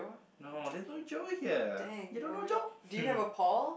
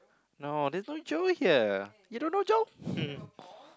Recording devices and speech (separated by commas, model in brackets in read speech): boundary microphone, close-talking microphone, conversation in the same room